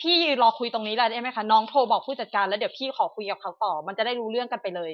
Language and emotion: Thai, frustrated